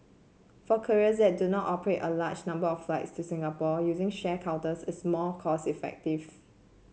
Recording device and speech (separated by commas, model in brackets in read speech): mobile phone (Samsung C7), read sentence